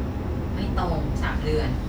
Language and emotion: Thai, frustrated